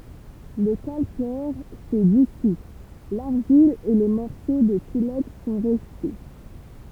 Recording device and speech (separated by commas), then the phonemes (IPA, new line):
temple vibration pickup, read sentence
lə kalkɛʁ sɛ disu laʁʒil e le mɔʁso də silɛks sɔ̃ ʁɛste